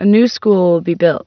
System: none